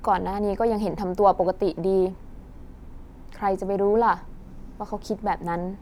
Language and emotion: Thai, frustrated